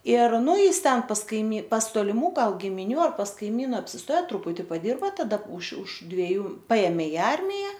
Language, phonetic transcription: Lithuanian, ir ˈnu ˈjis ˈten pas kaiˈmy pas toliˈmų ˈgal gimiˈnių ar pas kaiˈmyna apsisˈtoja truˈputi paˈdirba taˈda už už dveˈjų ˈpaėmė i ˈarmija

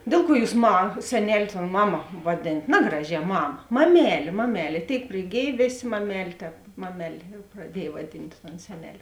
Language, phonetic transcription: Lithuanian, ˈdėl ˌkuo ˈjūs ma seˈnel' ton ˈmaˌma vaˈdėnat ˈnagraˌžē ˈmama maˈmelė maˈmelė ˈtėik priˈgėj ˈvėˌsė maˈmelė ˈtēp ˈmameˌlė praˈdiej vaˈdint ton ˈseneˌlė

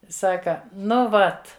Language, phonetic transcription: Lithuanian, ˈsaka ˈnu ˈvat

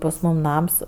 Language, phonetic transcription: Lithuanian, pas ˈmūm ˈnams

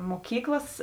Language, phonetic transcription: Lithuanian, moˈkyklas

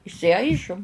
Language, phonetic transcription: Lithuanian, išsiˈaižum

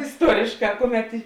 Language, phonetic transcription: Lithuanian, isˈtuorėšˌkā ˈkuˌmet i

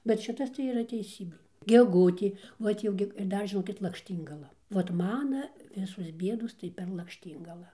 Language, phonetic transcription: Lithuanian, bet ˈšitas tai yˈra teiˈsybė geˈgutė ˈvat jau gi ir ˈdar žiˈnokit lakšˈtyngala vat ˈmana ˈvisos ˈbiedos tai per lakšˈtyngalą

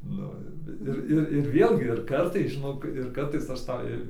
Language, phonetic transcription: Lithuanian, ˈnu ir vi ˈir ˈir ir ˈvėlgi ir ˈkartais žiˈnok ir ˈkartais aš ˈtą

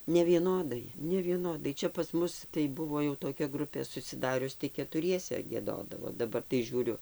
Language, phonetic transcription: Lithuanian, nevieˈnodai nevieˈnodai ˈčia pas ˈmus tai ˈbuvo jau toˈkia ˈgrupė susiˈdarius tai ketuˈriese gieˈdodavo daˈbar tai ˈžiūriu

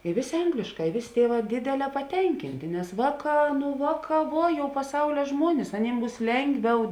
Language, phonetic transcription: Lithuanian, i ˈvėˌsė ˈanglėšˌkā i ˈvėˌsė ˈtieˌvā ˈdėdeˌlē paˈtenkintė nes ˈvāˌkā nu ˈvāˌkā ˈvuo jau paˈsaulia ˈžmuonis aˈnym ˈbūs ˈlengˌviau

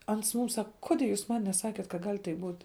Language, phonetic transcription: Lithuanian, ˈans ˈmum ˈsaka ˈkodė jūs ˈman neˈsakėt kad gal' taip būt'

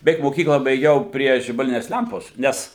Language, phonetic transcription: Lithuanian, beˈveik moˈkyklą baiˈgiau ˈprie žibaˈlines ˈlempos ˈnes

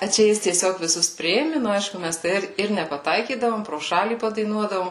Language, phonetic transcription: Lithuanian, a ˈčia ˈjis tieˈsiog viˈsus ˈpriėmi nu aišku ˈmæs tai ˈir ir nepaˈtaikydavom pro ˈšalį padaiˈnuodavom

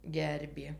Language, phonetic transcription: Lithuanian, ˈgerbė

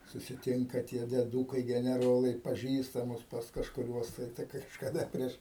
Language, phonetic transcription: Lithuanian, susiˈtinka tie dieˈdūkai geneˈrolai paˈžįstamus pas kažkuˈriuos tai tai kažkaˈda ˈprieš

